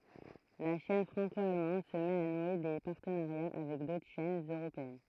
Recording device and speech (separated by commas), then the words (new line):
throat microphone, read sentence
La chaîne franco-allemande se met à nouer des partenariats avec d'autres chaînes européennes.